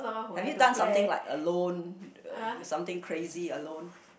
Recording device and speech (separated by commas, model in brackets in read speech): boundary microphone, conversation in the same room